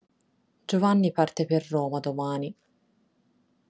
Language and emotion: Italian, sad